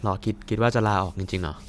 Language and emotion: Thai, neutral